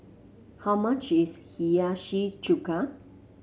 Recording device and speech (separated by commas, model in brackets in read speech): mobile phone (Samsung C7), read sentence